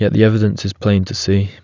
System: none